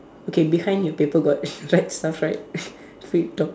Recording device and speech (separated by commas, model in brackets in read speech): standing microphone, conversation in separate rooms